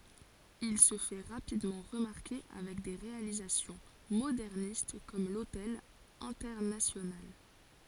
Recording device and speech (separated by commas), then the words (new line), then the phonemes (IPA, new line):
forehead accelerometer, read sentence
Il se fait rapidement remarquer avec des réalisations modernistes comme l'Hotel Internacional.
il sə fɛ ʁapidmɑ̃ ʁəmaʁke avɛk de ʁealizasjɔ̃ modɛʁnist kɔm lotɛl ɛ̃tɛʁnasjonal